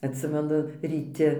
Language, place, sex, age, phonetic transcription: Lithuanian, Dzūkija, female, 60+, atˈsimenu ryˈti

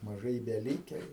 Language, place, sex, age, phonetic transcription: Lithuanian, Aukštaitija, male, 60+, maˈžai i beˈlyke jų

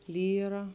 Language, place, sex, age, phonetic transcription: Lithuanian, Žemaitija, female, 18-60, ˈlyra

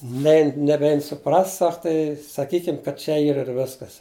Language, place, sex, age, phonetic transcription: Lithuanian, Žemaitija, male, 60+, ˈnein neˈbein suˈprast ˈsak tai saˈkykim kad ˈčia ˈyr ir ˈviskas

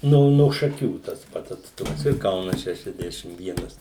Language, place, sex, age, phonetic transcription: Lithuanian, Suvalkija, male, 60+, ˈno no šaˈkių tas ˈpats atsˈtumas ir ˈkaunas ˌšešiasˈdešim ˈvienas

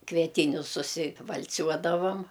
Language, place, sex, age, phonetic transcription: Lithuanian, Aukštaitija, female, 60+, kvieˈtynius susival'ˈciuodavam

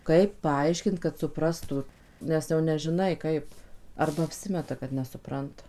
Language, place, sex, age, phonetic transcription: Lithuanian, Suvalkija, female, 18-60, ˈkaip ˈpaaiškint kad suˈprastu ˈnes jau nežiˈnai ˈkaip ˈarba apˈsimeta kad nesuˈpranta

